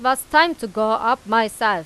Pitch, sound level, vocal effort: 230 Hz, 96 dB SPL, loud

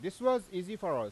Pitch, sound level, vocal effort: 205 Hz, 96 dB SPL, loud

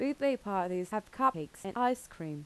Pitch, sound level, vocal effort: 205 Hz, 84 dB SPL, normal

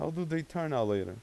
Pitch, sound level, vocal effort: 155 Hz, 89 dB SPL, normal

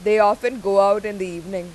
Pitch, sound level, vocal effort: 200 Hz, 96 dB SPL, very loud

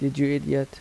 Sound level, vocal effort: 80 dB SPL, soft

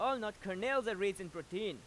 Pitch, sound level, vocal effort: 200 Hz, 97 dB SPL, very loud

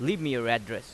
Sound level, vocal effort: 91 dB SPL, loud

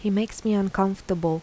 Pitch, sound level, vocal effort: 195 Hz, 80 dB SPL, soft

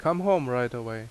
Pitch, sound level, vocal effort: 125 Hz, 87 dB SPL, loud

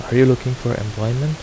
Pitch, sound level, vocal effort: 125 Hz, 80 dB SPL, soft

